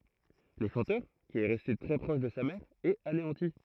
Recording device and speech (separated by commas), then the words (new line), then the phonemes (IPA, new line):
throat microphone, read sentence
Le chanteur, qui est resté très proche de sa mère, est anéanti.
lə ʃɑ̃tœʁ ki ɛ ʁɛste tʁɛ pʁɔʃ də sa mɛʁ ɛt aneɑ̃ti